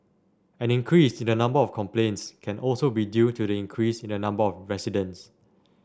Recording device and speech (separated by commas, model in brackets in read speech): standing microphone (AKG C214), read sentence